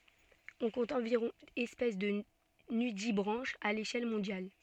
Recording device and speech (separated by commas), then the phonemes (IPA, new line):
soft in-ear microphone, read sentence
ɔ̃ kɔ̃t ɑ̃viʁɔ̃ ɛspɛs də nydibʁɑ̃ʃz a leʃɛl mɔ̃djal